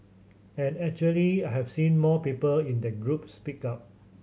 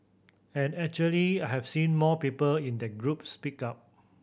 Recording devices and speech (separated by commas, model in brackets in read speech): mobile phone (Samsung C7100), boundary microphone (BM630), read sentence